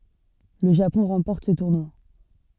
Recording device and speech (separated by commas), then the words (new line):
soft in-ear microphone, read sentence
Le Japon remporte ce tournoi.